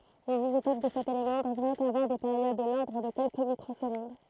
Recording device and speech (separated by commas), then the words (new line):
throat microphone, read sentence
Les isotopes de cet élément devraient avoir des périodes de l'ordre de quelques microsecondes.